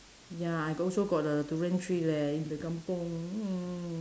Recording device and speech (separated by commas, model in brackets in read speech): standing microphone, conversation in separate rooms